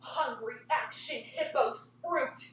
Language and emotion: English, disgusted